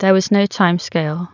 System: none